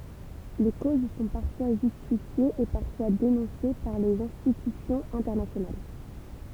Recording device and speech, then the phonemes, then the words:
temple vibration pickup, read sentence
le koz sɔ̃ paʁfwa ʒystifjez e paʁfwa denɔ̃se paʁ lez ɛ̃stitysjɔ̃z ɛ̃tɛʁnasjonal
Les causes sont parfois justifiées et parfois dénoncées par les institutions internationales.

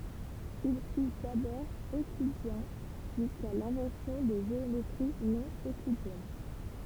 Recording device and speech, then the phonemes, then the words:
temple vibration pickup, read sentence
il fy dabɔʁ øklidjɛ̃ ʒyska lɛ̃vɑ̃sjɔ̃ də ʒeometʁi nonøklidjɛn
Il fut d'abord euclidien jusqu'à l'invention de géométries non-euclidiennes.

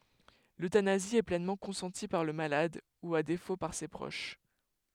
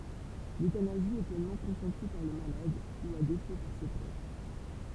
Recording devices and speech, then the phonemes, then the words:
headset microphone, temple vibration pickup, read sentence
løtanazi ɛ plɛnmɑ̃ kɔ̃sɑ̃ti paʁ lə malad u a defo paʁ se pʁoʃ
L'euthanasie est pleinement consentie par le malade, ou à défaut par ses proches.

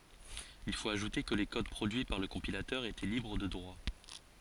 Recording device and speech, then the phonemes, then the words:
forehead accelerometer, read sentence
il fot aʒute kə le kod pʁodyi paʁ lə kɔ̃pilatœʁ etɛ libʁ də dʁwa
Il faut ajouter que les codes produits par le compilateur étaient libres de droits.

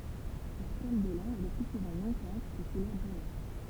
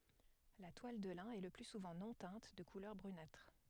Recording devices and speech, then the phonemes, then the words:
temple vibration pickup, headset microphone, read sentence
la twal də lɛ̃ ɛ lə ply suvɑ̃ nɔ̃ tɛ̃t də kulœʁ bʁynatʁ
La toile de lin est le plus souvent non teinte, de couleur brunâtre.

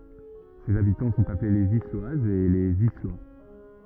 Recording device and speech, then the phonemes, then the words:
rigid in-ear microphone, read sentence
sez abitɑ̃ sɔ̃t aple lez islwazz e lez islwa
Ses habitants sont appelés les Isloises et les Islois.

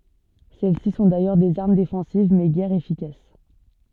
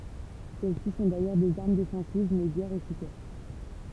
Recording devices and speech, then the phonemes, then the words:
soft in-ear microphone, temple vibration pickup, read sentence
sɛlɛsi sɔ̃ dajœʁ dez aʁm defɑ̃siv mɛ ɡɛʁ efikas
Celles-ci sont d'ailleurs des armes défensives mais guère efficaces.

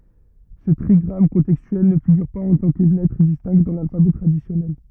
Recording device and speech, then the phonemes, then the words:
rigid in-ear microphone, read sentence
sə tʁiɡʁam kɔ̃tɛkstyɛl nə fiɡyʁ paz ɑ̃ tɑ̃ kə lɛtʁ distɛ̃kt dɑ̃ lalfabɛ tʁadisjɔnɛl
Ce trigramme contextuel ne figure pas en tant que lettre distincte dans l’alphabet traditionnel.

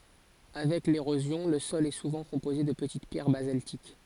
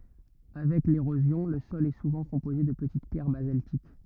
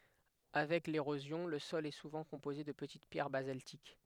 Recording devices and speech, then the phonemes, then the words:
forehead accelerometer, rigid in-ear microphone, headset microphone, read sentence
avɛk leʁozjɔ̃ lə sɔl ɛ suvɑ̃ kɔ̃poze də pətit pjɛʁ bazaltik
Avec l'érosion, le sol est souvent composé de petites pierres basaltiques.

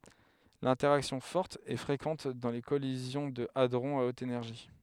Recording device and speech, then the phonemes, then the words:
headset microphone, read sentence
lɛ̃tɛʁaksjɔ̃ fɔʁt ɛ fʁekɑ̃t dɑ̃ le kɔlizjɔ̃ də adʁɔ̃z a ot enɛʁʒi
L'interaction forte est fréquente dans les collisions de hadrons à haute énergie.

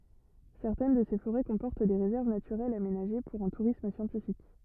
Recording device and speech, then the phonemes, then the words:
rigid in-ear microphone, read sentence
sɛʁtɛn də se foʁɛ kɔ̃pɔʁt de ʁezɛʁv natyʁɛlz amenaʒe puʁ œ̃ tuʁism sjɑ̃tifik
Certaines de ces forêts comportent des réserves naturelles aménagées pour un tourisme scientifique.

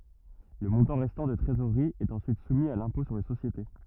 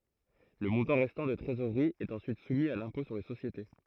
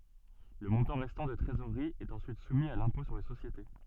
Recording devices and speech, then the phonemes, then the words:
rigid in-ear microphone, throat microphone, soft in-ear microphone, read sentence
lə mɔ̃tɑ̃ ʁɛstɑ̃ də tʁezoʁʁi ɛt ɑ̃syit sumi a lɛ̃pɔ̃ syʁ le sosjete
Le montant restant de trésorerie est ensuite soumis à l'impôt sur les sociétés.

